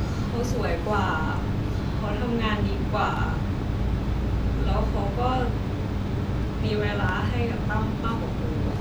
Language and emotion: Thai, sad